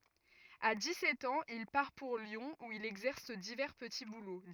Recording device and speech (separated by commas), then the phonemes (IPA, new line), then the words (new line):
rigid in-ear microphone, read sentence
a di sɛt ɑ̃z il paʁ puʁ ljɔ̃ u il ɛɡzɛʁs divɛʁ pəti bulo
À dix-sept ans, il part pour Lyon où il exerce divers petits boulots.